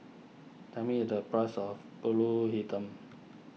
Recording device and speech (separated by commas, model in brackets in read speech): mobile phone (iPhone 6), read sentence